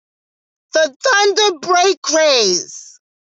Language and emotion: English, sad